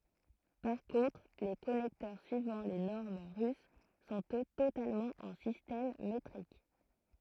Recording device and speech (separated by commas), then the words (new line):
throat microphone, read sentence
Par contre les connecteurs suivant les normes russes sont eux totalement en système métrique.